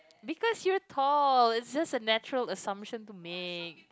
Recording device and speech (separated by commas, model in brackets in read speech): close-talking microphone, conversation in the same room